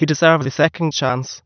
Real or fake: fake